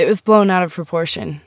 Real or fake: real